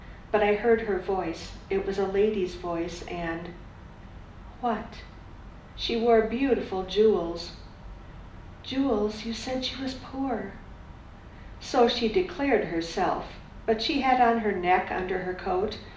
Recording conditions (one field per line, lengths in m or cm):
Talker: one person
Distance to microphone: 2.0 m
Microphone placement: close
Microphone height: 99 cm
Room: medium-sized (5.7 m by 4.0 m)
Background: none